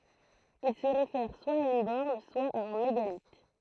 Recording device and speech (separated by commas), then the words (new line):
throat microphone, read sentence
Il se réfère soit à une borne, soit à un mégalithe.